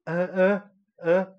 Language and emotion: Thai, neutral